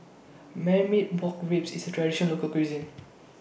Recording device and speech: boundary microphone (BM630), read sentence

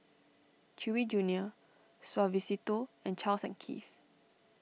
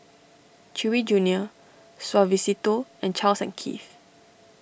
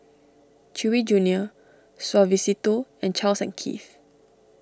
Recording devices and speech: mobile phone (iPhone 6), boundary microphone (BM630), standing microphone (AKG C214), read sentence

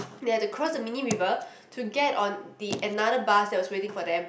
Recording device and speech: boundary microphone, conversation in the same room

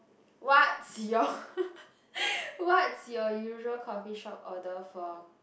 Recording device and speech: boundary microphone, conversation in the same room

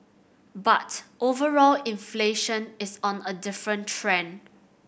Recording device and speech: boundary microphone (BM630), read sentence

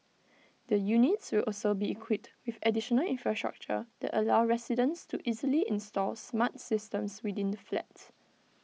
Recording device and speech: mobile phone (iPhone 6), read sentence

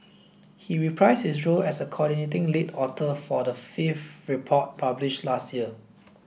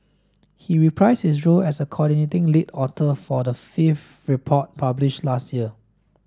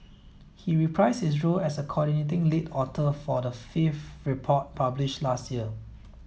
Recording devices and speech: boundary microphone (BM630), standing microphone (AKG C214), mobile phone (iPhone 7), read sentence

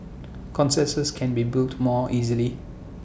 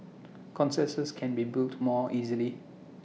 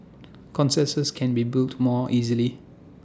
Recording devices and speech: boundary microphone (BM630), mobile phone (iPhone 6), standing microphone (AKG C214), read sentence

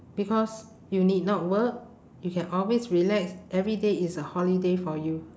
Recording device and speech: standing microphone, conversation in separate rooms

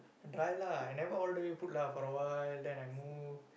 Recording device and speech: boundary microphone, conversation in the same room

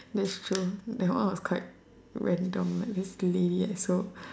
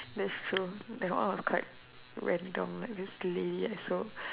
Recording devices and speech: standing microphone, telephone, conversation in separate rooms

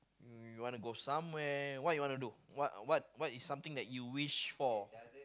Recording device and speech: close-talking microphone, conversation in the same room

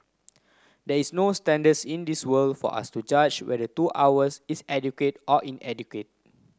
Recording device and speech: close-talking microphone (WH30), read sentence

